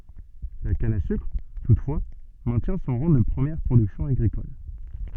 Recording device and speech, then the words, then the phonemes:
soft in-ear microphone, read sentence
La canne à sucre, toutefois, maintient son rang de première production agricole.
la kan a sykʁ tutfwa mɛ̃tjɛ̃ sɔ̃ ʁɑ̃ də pʁəmjɛʁ pʁodyksjɔ̃ aɡʁikɔl

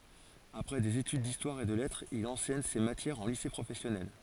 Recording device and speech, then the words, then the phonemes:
forehead accelerometer, read sentence
Après des études d'histoire et de lettres, il enseigne ces matières en lycée professionnel.
apʁɛ dez etyd distwaʁ e də lɛtʁz il ɑ̃sɛɲ se matjɛʁz ɑ̃ lise pʁofɛsjɔnɛl

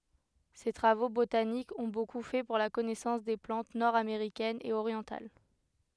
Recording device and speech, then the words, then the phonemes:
headset microphone, read sentence
Ses travaux botaniques ont beaucoup fait pour la connaissance des plantes nord-américaines et orientales.
se tʁavo botanikz ɔ̃ boku fɛ puʁ la kɔnɛsɑ̃s de plɑ̃t nɔʁdameʁikɛnz e oʁjɑ̃tal

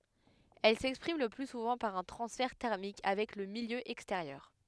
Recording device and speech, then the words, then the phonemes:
headset microphone, read sentence
Elle s'exprime le plus souvent par un transfert thermique avec le milieu extérieur.
ɛl sɛkspʁim lə ply suvɑ̃ paʁ œ̃ tʁɑ̃sfɛʁ tɛʁmik avɛk lə miljø ɛksteʁjœʁ

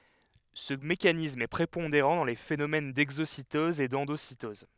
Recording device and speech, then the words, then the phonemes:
headset microphone, read sentence
Ce mécanisme est prépondérant dans les phénomènes d'exocytose et d'endocytose.
sə mekanism ɛ pʁepɔ̃deʁɑ̃ dɑ̃ le fenomɛn dɛɡzositɔz e dɑ̃dositɔz

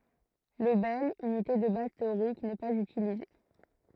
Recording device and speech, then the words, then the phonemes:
throat microphone, read sentence
Le bel, unité de base théorique, n'est pas utilisé.
lə bɛl ynite də baz teoʁik nɛ paz ytilize

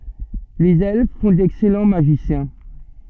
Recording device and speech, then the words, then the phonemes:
soft in-ear microphone, read sentence
Les Elfes font d'excellents Magiciens.
lez ɛlf fɔ̃ dɛksɛlɑ̃ maʒisjɛ̃

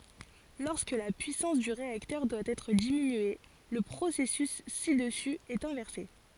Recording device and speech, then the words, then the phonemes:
forehead accelerometer, read sentence
Lorsque la puissance du réacteur doit être diminuée, le processus ci-dessus est inversé.
lɔʁskə la pyisɑ̃s dy ʁeaktœʁ dwa ɛtʁ diminye lə pʁosɛsys si dəsy ɛt ɛ̃vɛʁse

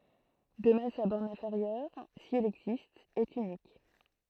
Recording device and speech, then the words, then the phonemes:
throat microphone, read sentence
De même sa borne inférieure, si elle existe, est unique.
də mɛm sa bɔʁn ɛ̃feʁjœʁ si ɛl ɛɡzist ɛt ynik

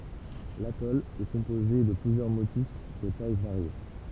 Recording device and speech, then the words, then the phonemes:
temple vibration pickup, read sentence
L’atoll est composé de plusieurs motus de tailles variées.
latɔl ɛ kɔ̃poze də plyzjœʁ motys də taj vaʁje

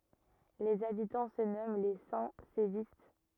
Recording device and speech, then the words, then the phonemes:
rigid in-ear microphone, read sentence
Les habitants se nomment les Saint-Sévistes.
lez abitɑ̃ sə nɔmɑ̃ le sɛ̃ sevist

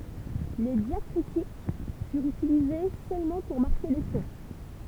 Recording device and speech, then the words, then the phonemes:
temple vibration pickup, read sentence
Les diacritiques furent utilisées seulement pour marquer les tons.
le djakʁitik fyʁt ytilize sølmɑ̃ puʁ maʁke le tɔ̃

